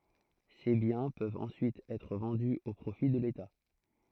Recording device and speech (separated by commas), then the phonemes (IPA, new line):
throat microphone, read sentence
se bjɛ̃ pøvt ɑ̃syit ɛtʁ vɑ̃dy o pʁofi də leta